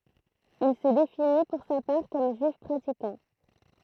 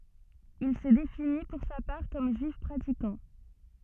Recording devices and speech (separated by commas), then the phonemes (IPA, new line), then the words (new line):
throat microphone, soft in-ear microphone, read sentence
il sə defini puʁ sa paʁ kɔm ʒyif pʁatikɑ̃
Il se définit pour sa part comme juif pratiquant.